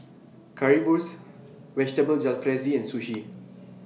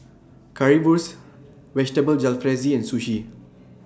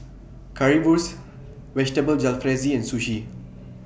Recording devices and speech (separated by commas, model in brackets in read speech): mobile phone (iPhone 6), standing microphone (AKG C214), boundary microphone (BM630), read sentence